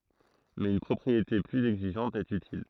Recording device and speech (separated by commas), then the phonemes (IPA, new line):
throat microphone, read sentence
mɛz yn pʁɔpʁiete plyz ɛɡziʒɑ̃t ɛt ytil